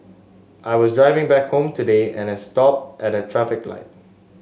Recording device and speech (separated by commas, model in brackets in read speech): mobile phone (Samsung S8), read sentence